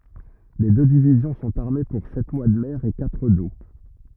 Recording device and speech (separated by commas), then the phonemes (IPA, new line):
rigid in-ear microphone, read sentence
le dø divizjɔ̃ sɔ̃t aʁme puʁ sɛt mwa də mɛʁ e katʁ do